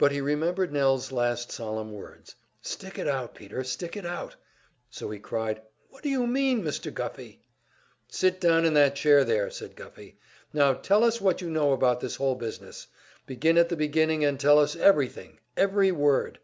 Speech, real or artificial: real